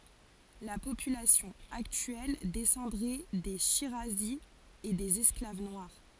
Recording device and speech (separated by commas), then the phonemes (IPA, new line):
forehead accelerometer, read sentence
la popylasjɔ̃ aktyɛl dɛsɑ̃dʁɛ de ʃiʁazi e dez ɛsklav nwaʁ